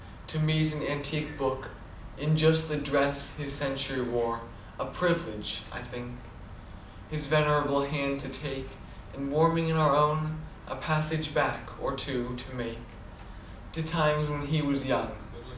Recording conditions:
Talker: one person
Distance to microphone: 2.0 m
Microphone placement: close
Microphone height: 99 cm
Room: medium-sized (5.7 m by 4.0 m)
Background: television

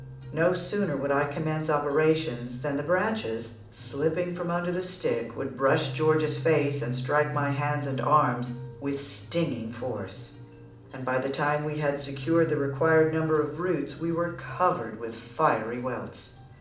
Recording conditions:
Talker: one person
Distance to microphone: 2.0 m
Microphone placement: close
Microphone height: 99 cm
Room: medium-sized (5.7 m by 4.0 m)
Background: music

